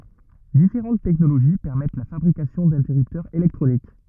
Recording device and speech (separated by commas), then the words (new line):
rigid in-ear microphone, read sentence
Différentes technologies permettent la fabrication d'interrupteurs électroniques.